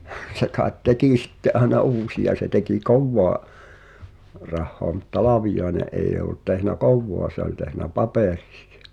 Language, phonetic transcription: Finnish, se kaaet "tekì sitte’ '’aena "uusi₍a se tekì "kowwoa’ , 'rahhoa mut "Talavijaene’ ’eij̆j ‿o[ll]ut tehnä "kowvoa se ‿oĺ tehnä "papèʀɪsɪ₍ᴀ .
- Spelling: se kai teki sitten aina uusia se teki kovaa rahaa mutta Talviainen ei ollut tehnyt kovaa se oli tehnyt paperisia

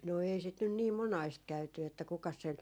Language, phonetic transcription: Finnish, no 'ei sit nyn nii "monaist 'käyty että 'kukas sen ,.
- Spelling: no ei sitä nyt niin monasti käyty että kukas sen

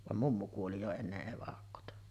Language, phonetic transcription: Finnish, vam "mummu kuoli jo 'enneˀ 'ˀevakkota .
- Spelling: vaan mummu kuoli jo ennen evakkoa

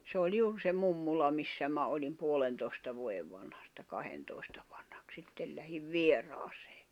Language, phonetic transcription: Finnish, sᵉ ‿oĺ 'juur se 'mummula 'missä mä olim 'puolentoi̬sta 'vuoʲev vanhasta 'kahentòi̬stᴀ ᴠᴀɴhᴀk 'sittel lähiv "vier̆aasᴇᴇ .
- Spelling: se oli juuri se mummola missä minä olin puolentoista vuoden vanhasta kahdentoista vanhaksi sitten lähdin vieraaseen

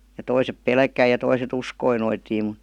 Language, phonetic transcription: Finnish, ja 'toisep ''pelkäi ja 'toiset "uskoi noitiim mᵘᵗ ,.
- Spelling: ja toiset pelkäsi ja toiset uskoi noitiin mutta

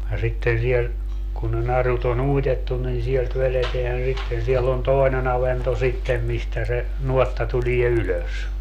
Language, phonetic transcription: Finnish, ja 'sitten siel , kun ne 'narut ‿on "uitettun nin 'sielt 'veleteän 'sitten siɛll ‿on "tòi̮ne'n ‿avento 'sittem mistä se , 'nuotta tulie 'ylös .
- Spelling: ja sitten siellä kun ne narut on uitettu niin sieltä vedetään sitten siellä on toinen avanto sitten mistä se nuotta tulee ylös

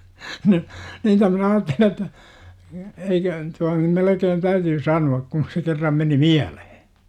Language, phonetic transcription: Finnish, no , 'niitä (minä aattelin) ‿et̆tä , eikö , tuan nym 'melekeen 'täytyy "sanu₍ak kun̬ se kerram meni "miälehE .
- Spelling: no niitä minä ajattelin että eikö tuon nyt melkein täytyy sanoa kun se kerran meni mieleen

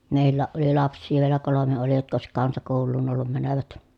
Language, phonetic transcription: Finnish, mèillääʼ ʼoli laps̆sii vielä kolome oli jotk ‿òesik kansakòulluun ‿ollum mänövät .
- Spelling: meilläkin oli lapsia vielä kolme oli jotka olisi kansakouluun ollut menevät

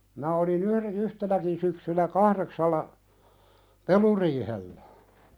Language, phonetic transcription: Finnish, mⁱnä oli"n ‿yhre'n ‿yhtenäkin syksynä 'kahðeksalla , "peluriihellä .
- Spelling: minä olin yhden yhtenäkin syksynä kahdeksalla peluriihellä

